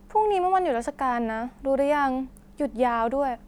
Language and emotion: Thai, neutral